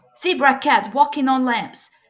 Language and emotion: English, happy